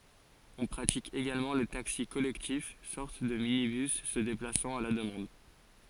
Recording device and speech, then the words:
forehead accelerometer, read sentence
On pratique également le taxi collectif, sorte de minibus se déplaçant à la demande.

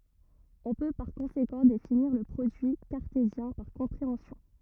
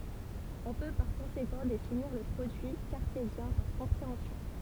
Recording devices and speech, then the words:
rigid in-ear microphone, temple vibration pickup, read sentence
On peut par conséquent définir le produit cartésien par compréhension.

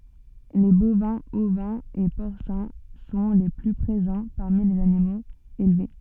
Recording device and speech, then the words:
soft in-ear microphone, read sentence
Les bovins, ovins et porcins sont les plus présents parmi les animaux élevés.

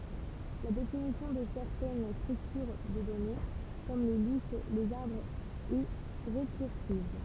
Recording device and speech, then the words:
temple vibration pickup, read sentence
La définition de certaines structures de données, comme les listes, les arbres est récursive.

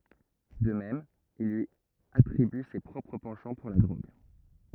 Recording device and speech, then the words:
rigid in-ear microphone, read sentence
De même, il lui attribue ses propres penchants pour la drogue.

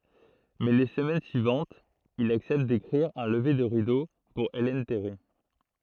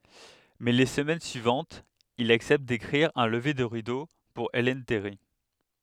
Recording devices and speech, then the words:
throat microphone, headset microphone, read sentence
Mais les semaines suivantes, il accepte d'écrire un lever de rideau pour Ellen Terry.

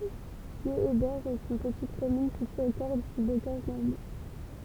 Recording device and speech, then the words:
temple vibration pickup, read sentence
Guéhébert est une petite commune située au cœur du bocage normand.

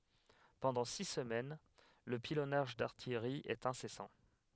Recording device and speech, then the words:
headset microphone, read sentence
Pendant six semaines, le pilonnage d'artillerie est incessant.

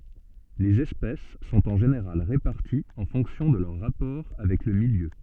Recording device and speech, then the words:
soft in-ear microphone, read sentence
Les espèces sont en général réparties en fonction de leurs rapports avec le milieu.

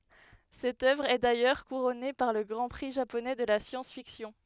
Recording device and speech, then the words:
headset microphone, read sentence
Cette œuvre est d'ailleurs couronnée par le Grand Prix japonais de la science-fiction.

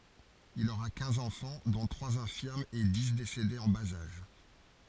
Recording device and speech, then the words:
forehead accelerometer, read sentence
Il aura quinze enfants, dont trois infirmes et dix décédés en bas âge.

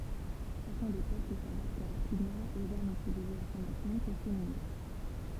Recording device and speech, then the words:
temple vibration pickup, read sentence
Chacun des peuples s'adapte rapidement aux armes utilisées à son encontre et s'immunise.

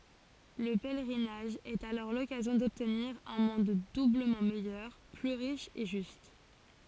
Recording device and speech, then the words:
forehead accelerometer, read sentence
Le pèlerinage est alors l'occasion d'obtenir un monde doublement meilleur, plus riche et juste.

